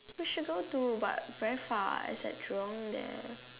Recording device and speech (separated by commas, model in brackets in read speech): telephone, conversation in separate rooms